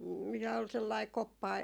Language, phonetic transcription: Finnish, m- , mitä ol sellai 'koppa ,.
- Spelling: - mitä oli sellainen koppa

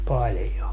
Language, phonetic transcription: Finnish, 'paĺjo .
- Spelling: paljon

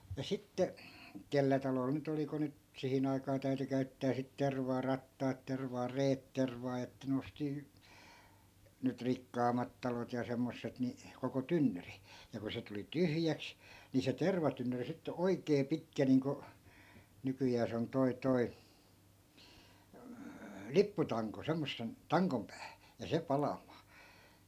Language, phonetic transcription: Finnish, ja 'sitte , 'kellä talol ny't ‿oli ku 'nyt , 'sihin ‿aikaa 'täy̬ty 'käy̬ttää sit 'tervaa "rattaat 'tervaa "reet 'tervaa että 'n ‿osti , nyt 'rikkaam̀at talot ja 'semmosset ni , koko "tynnyri , ja ku se tuli "tyhjäks , ni se 'tervatynnyri sitte "oi̮kee "pitkä niiŋko , 'nykyjää se on 'toi 'toi , "lipputaŋko 'semmossen , "taŋkom päähÄ , ja 'se 'palam̆maa .
- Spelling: ja sitten kenellä talolla nyt oli kun nyt siihen aikaan täytyi käyttää sitten tervaa rattaat tervaa reet tervaa että ne osti nyt rikkaammat talot ja semmoiset niin koko tynnyri ja kun se tuli tyhjäksi niin se tervatynnyri sitten oikein pitkä niin kuin nykyään se on tuo tuo lipputanko semmoisen tangon päähän ja se palamaan

